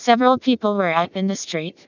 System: TTS, vocoder